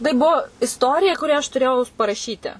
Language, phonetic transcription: Lithuanian, tai ˈbuo isˈtorija ˈkurią aš tuˈrėjau paraˈšyti

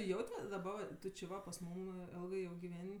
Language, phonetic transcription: Lithuanian, ˈjaut' ˈva daˈba va ˈtu či ˈva pas ˈmūm ˈelgɜ ˈjau giˈven'

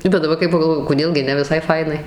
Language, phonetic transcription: Lithuanian, bet daˈbar kai pagalˈvoju koˈdėl gi ˈne viˈsai ˈfainai

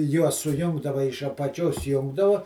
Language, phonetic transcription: Lithuanian, ˈjuos suˈjungdava iš apaˈčios ˈjungdavu

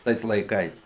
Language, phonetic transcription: Lithuanian, ˈtais laiˈkais

